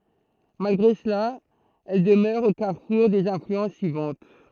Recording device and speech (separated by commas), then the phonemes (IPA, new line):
throat microphone, read sentence
malɡʁe səla ɛl dəmœʁ o kaʁfuʁ dez ɛ̃flyɑ̃s syivɑ̃t